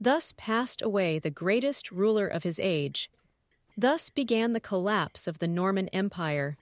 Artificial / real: artificial